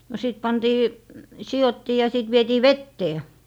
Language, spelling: Finnish, no sitten pantiin sidottiin ja sitten vietiin veteen
- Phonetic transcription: no sìt pantii , 'sijottii ja sìt 'vietii "vettee .

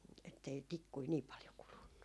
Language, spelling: Finnish, että ei tikkuja niin paljon kulunut
- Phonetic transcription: ettei "tikkui 'nii paljo 'kulunnu .

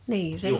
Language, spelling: Finnish, niin se
- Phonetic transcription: nii se ,.

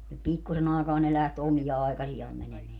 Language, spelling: Finnish, pikkuisen aikaa ne lähti omia aikaisiaan menemään
- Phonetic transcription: 'pikkusen ‿aekaa - ne 'läht 'omija aekasijaam 'mänemeä .

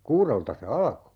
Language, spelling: Finnish, kuudelta se alkoi
- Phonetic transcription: 'kuurelta se "alᵃko .

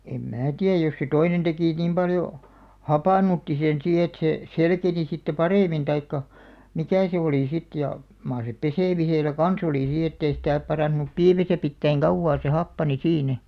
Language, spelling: Finnish, en minä tiedä jos se toinen teki niin paljon hapannutti sen siinä että se selkeni sitten paremmin tai mikä se oli sitten ja mar se pesemisellä kanssa oli siinä että ei sitä parantunut piimässä pitää kauaa se happani siinä
- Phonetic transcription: em 'mää 'tiäj jos se 'toinen tekì 'nìm paljo , "hapànutti sen 'sii et se , "selkeni sitte "parèmin taikka , "mikä̀ se 'olì 'sit ja , 'maar se "pesèmiselä "kan̬'s ‿olì 'sii ettei sitä̀ , 'parànᵗᵘnup "piimäsä 'pittäiŋ "kauvvaa se 'happani "siinä .

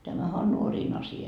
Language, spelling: Finnish, tämähän on nuorien asia
- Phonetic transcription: 'tämähä on 'nuoriin asi₍a .

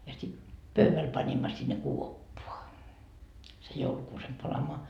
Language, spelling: Finnish, ja sitten pöydälle panimme sinne kuoppaan sen joulukuusen palamaan
- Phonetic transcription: ja sit 'pöyväl 'pańimma sinne "kuoppoa , sej 'joulukuusem 'palamoa .

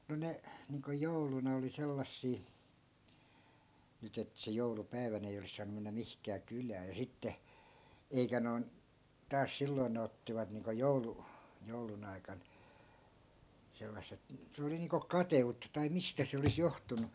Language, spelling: Finnish, no ne niin kuin jouluna oli sellaisia nyt että se joulupäivänä ei olisi saanut mennä mihinkään kylään ja sitten eikä noin taas silloin ne ottivat niin kuin - joulun aikana sellaiset se oli niin kuin kateutta tai mistä se olisi johtunut
- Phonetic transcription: no 'ne , niiŋko 'jouluna oli 'sellassii , 'nyt ‿et se 'joulupäi̮vänᵃ̈ ei olis 'saanu mennä 'mihkää "kylää ja 'sitte , 'eikä noi̮n , taas 'silloⁱn ne ottivat niiŋko 'joulu- , 'joulun ‿aikan , 'sellas̆set , 'se oli niiŋko "kate₍utta tai 'mistä se olis 'johtunu .

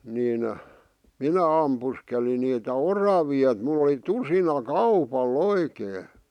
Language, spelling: Finnish, niin minä ammuskelin niitä oravia että minulla oli tusinakaupalla oikein
- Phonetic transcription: 'nìn , "minä ampuskeli niitä "oravi₍a [e]t mulˡ ‿oli "tusina"kaupal "oikee .

